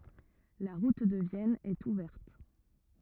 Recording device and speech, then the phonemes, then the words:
rigid in-ear microphone, read sentence
la ʁut də vjɛn ɛt uvɛʁt
La route de Vienne est ouverte.

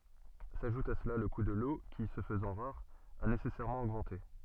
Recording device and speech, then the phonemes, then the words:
soft in-ear microphone, read sentence
saʒut a səla lə ku də lo ki sə fəzɑ̃ ʁaʁ a nesɛsɛʁmɑ̃ oɡmɑ̃te
S’ajoute à cela le coût de l’eau qui, se faisant rare, a nécessairement augmenté.

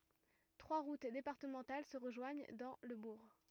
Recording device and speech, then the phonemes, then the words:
rigid in-ear microphone, read sentence
tʁwa ʁut depaʁtəmɑ̃tal sə ʁəʒwaɲ dɑ̃ lə buʁ
Trois routes départementales se rejoignent dans le bourg.

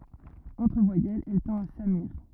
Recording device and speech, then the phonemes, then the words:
rigid in-ear microphone, read sentence
ɑ̃tʁ vwajɛlz ɛl tɑ̃t a samyiʁ
Entre voyelles, elle tend à s'amuïr.

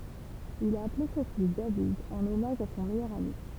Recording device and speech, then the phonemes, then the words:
temple vibration pickup, read sentence
il a aple sɔ̃ fis david ɑ̃n ɔmaʒ a sɔ̃ mɛjœʁ ami
Il a appelé son fils David en hommage à son meilleur ami.

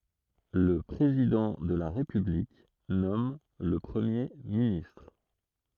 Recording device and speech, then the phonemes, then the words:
throat microphone, read sentence
lə pʁezidɑ̃ də la ʁepyblik nɔm lə pʁəmje ministʁ
Le président de la République nomme le Premier ministre.

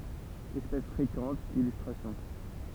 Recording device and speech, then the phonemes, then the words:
temple vibration pickup, read sentence
ɛspɛs fʁekɑ̃t ilystʁasjɔ̃
Espèce fréquente, illustrations.

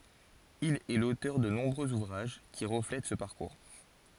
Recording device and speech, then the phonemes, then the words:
forehead accelerometer, read sentence
il ɛ lotœʁ də nɔ̃bʁøz uvʁaʒ ki ʁəflɛt sə paʁkuʁ
Il est l'auteur de nombreux ouvrages qui reflètent ce parcours.

